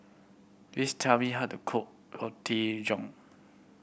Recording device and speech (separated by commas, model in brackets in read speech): boundary microphone (BM630), read sentence